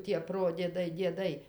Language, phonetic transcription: Lithuanian, tie ˈprodiedai dieˈdai

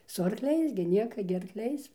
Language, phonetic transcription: Lithuanian, su arkˈliais gi ˈnieka gi arkˈliais

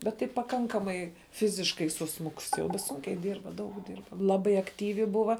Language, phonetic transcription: Lithuanian, ˈbet tai paˈkankamai ˈfiziškai suˈsmukus jau ˈsūnkiai ˈdyrba ˈdaug ˈdyrba ˈlabai akˈtyvi ˈbuva

